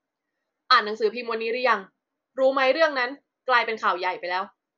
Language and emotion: Thai, angry